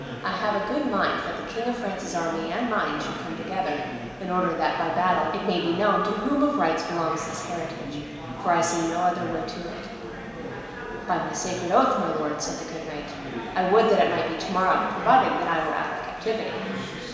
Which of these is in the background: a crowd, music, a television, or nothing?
Crowd babble.